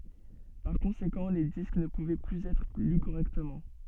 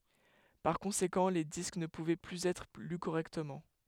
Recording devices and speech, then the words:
soft in-ear microphone, headset microphone, read sentence
Par conséquent les disques ne pouvaient plus être lus correctement.

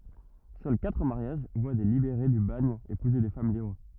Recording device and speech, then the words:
rigid in-ear microphone, read sentence
Seuls quatre mariages voient des libérés du bagne épouser des femmes libres.

